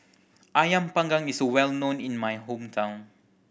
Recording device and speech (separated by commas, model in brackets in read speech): boundary microphone (BM630), read sentence